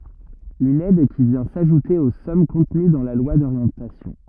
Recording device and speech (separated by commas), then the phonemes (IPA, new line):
rigid in-ear microphone, read sentence
yn ɛd ki vjɛ̃ saʒute o sɔm kɔ̃təny dɑ̃ la lwa doʁjɑ̃tasjɔ̃